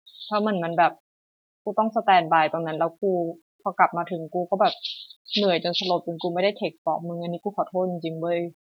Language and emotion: Thai, frustrated